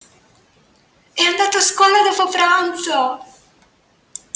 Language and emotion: Italian, happy